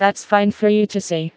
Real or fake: fake